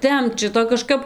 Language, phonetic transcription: Lithuanian, ˈtempt ˈšito kaˈžkap

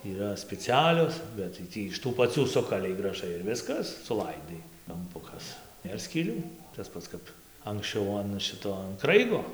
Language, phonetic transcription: Lithuanian, yˈra speciˈalios ˌbet tai ˈtį iš tų paˈcių ˈsukalei graˈžai ir ˈviskas suˈlaidai kamˈpukas ˈnėr skyˈlių tas ˈpats kap anksˈčiau an ˈšito an ˈkraigo

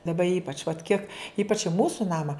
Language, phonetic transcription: Lithuanian, daˈba ˈypač vat ˈkiek ˈypač i ˈmūsu ˈnama

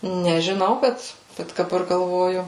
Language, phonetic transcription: Lithuanian, nežiˈnau ˈbet ˈbet daˈbar galˈvoju

